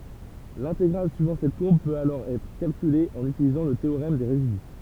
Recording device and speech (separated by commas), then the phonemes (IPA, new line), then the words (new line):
temple vibration pickup, read sentence
lɛ̃teɡʁal syivɑ̃ sɛt kuʁb pøt alɔʁ ɛtʁ kalkyle ɑ̃n ytilizɑ̃ lə teoʁɛm de ʁezidy
L'intégrale suivant cette courbe peut alors être calculée en utilisant le théorème des résidus.